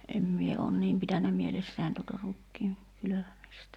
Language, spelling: Finnish, en minä olen niin pitänyt mielessäni tuota rukiin kylvämistä
- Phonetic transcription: em 'mie oon "niim pitännä 'mielessä̀in tuta 'rukkii , kylövämistä .

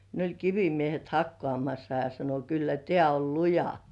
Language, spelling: Finnish, ne oli kivimiehet hakkaamassa ja sanoi kyllä tämä on luja
- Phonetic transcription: ne oĺ 'kivimiehet "hakkŏàmassa ja sano » 'kyllä "tĕä̀ 'ol "luja « .

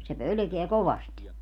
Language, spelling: Finnish, se pelkää kovasti
- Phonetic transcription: se 'pölᵒ̈keä 'kovast .

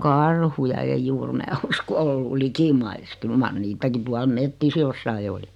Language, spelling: Finnish, no karhuja ei juuri minä uskon ole ollut likimaissa kyllä mar niitäkin tuolla metsissä jossakin oli
- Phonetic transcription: no "kaarhuja eij 'juur 'mää usko o 'ollu "likimais 'kyl mar "niitäki 'tual "mettis 'jossai oli .

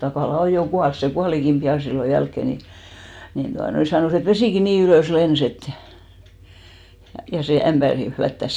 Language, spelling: Finnish, Takala on jo kuollut se kuolikin pian silloin jälkeen niin niin tuota noin sanoi että vesikin niin ylös lensi että ja sen ämpärin flättäsi
- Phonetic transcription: 'Takàla "oj jo 'kuals , se "kualikim 'piʲà sillo 'jälkkè ni , nin 'tuanoi , 'sanòs ‿et "vesìki nii 'ylö̀s 'lens ‿et , ja sè 'ämʙärin̬ 'flättäs .

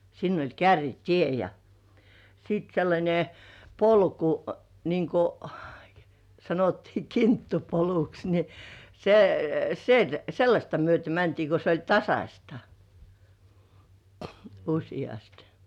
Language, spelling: Finnish, sinne oli kärrytie ja sitten sellainen polku niin kuin sanottiin kinttupoluksi niin - - sellaista myöten mentiin kun se oli tasaista useasti
- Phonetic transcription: sinn ‿oĺ 'kärri"tie ja , sìt sellańe , "polku , niiŋ ‿ku , sanottii "kinttupoluks ni , se- , sel- "sellaśta myöte 'mäntii ko 'se oĺ "tasaśta , uśi₍ast .

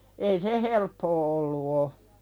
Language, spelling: Finnish, ei se helppoa ollut ole
- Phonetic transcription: ei se "helppoo 'ollu o .

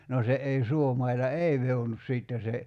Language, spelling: Finnish, no se ei suomailla ei vehdonnut sitten se
- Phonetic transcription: no 'se ’ei 'suomaila "ei vehonus sìtte se ,.

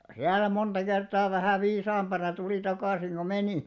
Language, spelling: Finnish, siellä monta kertaa vähän viisaampana tuli takaisin kuin meni
- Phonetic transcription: 'siäl̆lä monᴅa 'kertaa vähä̀ 'viisaamʙana tulì 'takàsiŋ ko "menì .

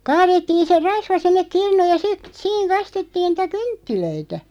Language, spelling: Finnish, kaadettiin se rasva sinne kirnuun ja sitten siinä kastettiin niitä kynttilöitä
- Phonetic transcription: 'kaarettiin̬ se "rasva 'sinnek 'kirnuuj ja sit , "siiŋ kastettiin 'nⁱtä "kynttilöitä .

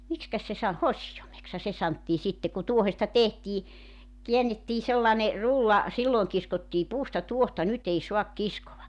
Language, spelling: Finnish, miksikäs se - hosioimeksihan se sanottiin sitten kun tuohesta tehtiin käännettiin sellainen rulla silloin kiskottiin puusta tuohta nyt ei saa kiskoa
- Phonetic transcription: 'mikskäs se sa- , "hosijomeksha se 'santtii sitte ku 'tuohesta 'tehtii , 'kiännettii 'sellane , "rulla , 'silloeŋ kiskottii 'puusta "tuohta 'nyt ‿ei 'suak 'kiskova .

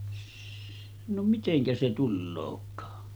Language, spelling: Finnish, - no miten se tuleekaan
- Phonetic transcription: s- , no 'miteŋkä se 'tullook̆kaa .

